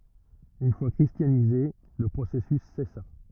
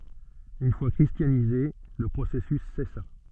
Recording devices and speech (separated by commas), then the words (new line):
rigid in-ear microphone, soft in-ear microphone, read sentence
Une fois christianisés, le processus cessa.